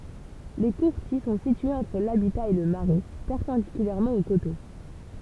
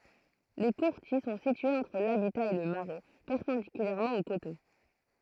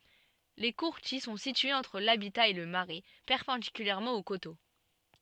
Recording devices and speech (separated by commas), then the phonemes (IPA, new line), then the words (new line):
temple vibration pickup, throat microphone, soft in-ear microphone, read sentence
le kuʁtil sɔ̃ sityez ɑ̃tʁ labita e lə maʁɛ pɛʁpɑ̃dikylɛʁmɑ̃ o koto
Les courtils sont situés entre l'habitat et le marais, perpendiculairement au coteau.